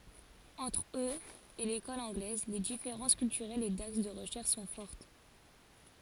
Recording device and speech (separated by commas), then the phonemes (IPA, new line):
forehead accelerometer, read sentence
ɑ̃tʁ øz e lekɔl ɑ̃ɡlɛz le difeʁɑ̃s kyltyʁɛlz e daks də ʁəʃɛʁʃ sɔ̃ fɔʁt